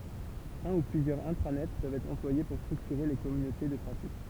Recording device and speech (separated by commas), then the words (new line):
temple vibration pickup, read sentence
Un ou plusieurs intranets peuvent être employés pour structurer les communautés de pratique.